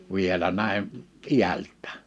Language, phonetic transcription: Finnish, 'vielä nä̀im̳ , "iält̆tᴀ̈ᴀ̈ɴ .
- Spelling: vielä näin iältään

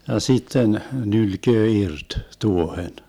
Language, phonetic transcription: Finnish, ja 'sitten , 'nylköö 'irt , "tuohen .
- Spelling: ja sitten nylkee irti tuohen

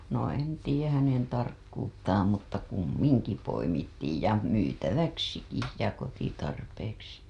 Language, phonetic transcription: Finnish, no en tiijäh hänen tarkkuttaam mutta 'kummiŋki poimittiij ja 'myytäväksiki ja kotitarpeeksi .
- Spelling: no en tiedä hänen tarkkuuttaan mutta kumminkin poimittiin ja myytäväksikin ja kotitarpeeksi

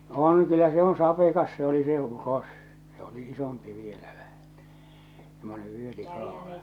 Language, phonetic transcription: Finnish, no 'on kyllä se 'on 'sapekas se oli se 'uros , se oli 'isompi vielä ᴠᴀ̈hᴀ̈ , semmone --.
- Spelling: no on kyllä se on sapekas se oli se uros se oli isompi vielä vähän semmoinen

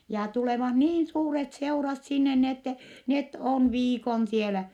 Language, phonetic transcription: Finnish, ja tulevah niin suuret seurat sinne ni ‿ettɛ , net on viikon sielä .
- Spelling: ja tulevat niin suuret seurat sinne niin että ne on viikon siellä

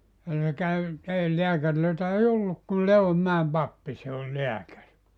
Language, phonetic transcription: Finnish, ja se käy , 'ei 'leäkärlöitä ei "olluk kul 'Le₍ommäem "pappi se oĺ "leäkäri .
- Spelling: ja se kävi ei lääkäreitä ei ollut kuin Leivonmäen pappi se oli lääkäri

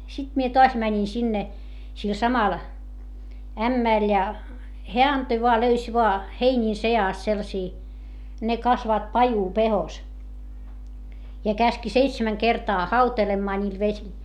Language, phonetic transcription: Finnish, sit mie toas mäńin sinne , sil samal , ämmä̀l ja , heä antoi voa löys voa , heińiin se₍àst sellᵃsii , ne kasvaat pajupehos , ja käski seitsemäŋ kertaa hautelemmaa ńiil vesil .
- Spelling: sitten minä taas menin sinne sille samalle ämmälle ja hän antoi vain löysi vain heinien seasta sellaisia ne kasvavat pajupehkossa ja käski seitsemän kertaa hautelemaan niillä vesillä

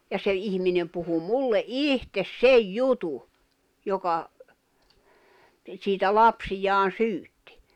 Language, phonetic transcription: Finnish, ja se 'ihminem puhu 'mulle "’ìhtes "sej "jutu , 'joka , siitä 'lapsijaan̬ "syyttI .
- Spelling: ja se ihminen puhui minulle itse sen jutun joka siitä lapsiaan syytti

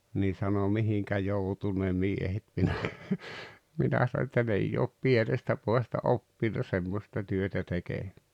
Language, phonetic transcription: Finnish, nii sano » "mihiŋkä 'joutu ne "miehet « minä , 'minä sao että » 'n ‿eijj ‿oop "pienestä 'poʲasta "oppinna 'semmosta työtä 'tekee « .
- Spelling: niin sanoi mihinkä joutui ne miehet minä minä sanoin että ne ei ole pienestä pojasta oppinut semmoista työtä tekemään

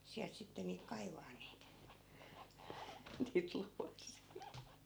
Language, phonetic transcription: Finnish, 'siält sitte niik 'kaivaan niit , niit 'luasii .
- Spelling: sieltä sitten niitä kaivamaan niitä niitä luoteja

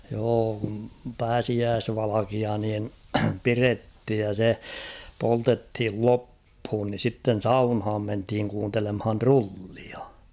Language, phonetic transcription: Finnish, joo kum "pääsiääsvalakia niin , 'pirethij ja se , 'poltethil "lopphuun ni 'sitten̬ "saunhaam menthiŋ kuuntelemhan "trullia .
- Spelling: joo kun pääsiäisvalkea niin pidettiin ja se poltettiin loppuun niin sitten saunaan mentiin kuuntelemaan trullia

